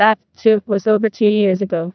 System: TTS, neural waveform model